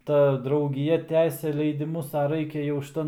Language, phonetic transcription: Lithuanian, ˈta draugiˈja ˈtęsia leidiˈmus a ˈraikia jau šiˈtan

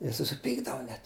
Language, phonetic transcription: Lithuanian, ˈjie susiˈpykdavu net

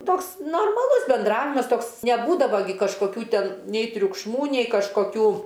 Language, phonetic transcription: Lithuanian, ˈtoks normaˈlus benˈdravimas ˈtoks neˈbūdavo gi kažkoˈkių ˈten nei triukšˈmų nei kažkoˈkių

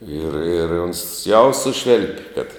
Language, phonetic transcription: Lithuanian, ir ir ons ˈjau ˈsušvėlp' kad

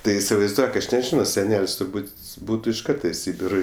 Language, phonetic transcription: Lithuanian, ˈtai isivaizˈduok ˈaš neˈžino seˈnel's' turˈbūt' ˈbūtu iš ˈkarta i ˈsybiro

